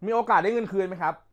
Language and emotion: Thai, angry